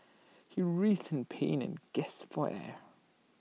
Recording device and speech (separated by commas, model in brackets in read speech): mobile phone (iPhone 6), read sentence